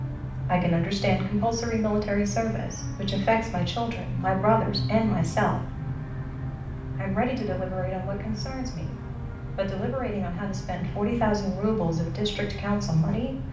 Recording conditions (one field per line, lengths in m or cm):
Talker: one person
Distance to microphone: 5.8 m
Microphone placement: far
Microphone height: 1.8 m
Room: medium-sized (5.7 m by 4.0 m)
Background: television